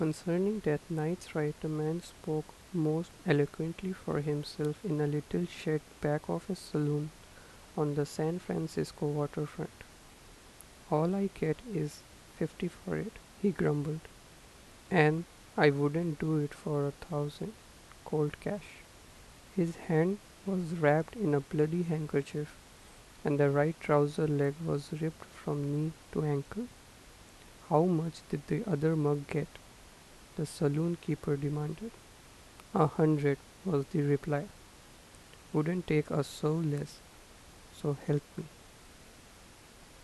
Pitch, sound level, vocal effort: 150 Hz, 79 dB SPL, soft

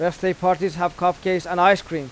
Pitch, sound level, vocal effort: 180 Hz, 93 dB SPL, loud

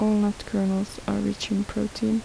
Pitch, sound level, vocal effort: 205 Hz, 72 dB SPL, soft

